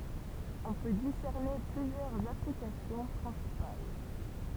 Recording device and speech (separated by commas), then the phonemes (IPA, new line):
temple vibration pickup, read sentence
ɔ̃ pø disɛʁne plyzjœʁz aplikasjɔ̃ pʁɛ̃sipal